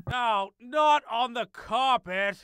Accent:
with a British accent